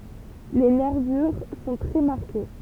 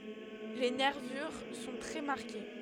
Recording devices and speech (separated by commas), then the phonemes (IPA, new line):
temple vibration pickup, headset microphone, read sentence
le nɛʁvyʁ sɔ̃ tʁɛ maʁke